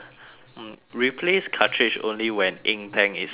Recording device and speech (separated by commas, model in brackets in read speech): telephone, conversation in separate rooms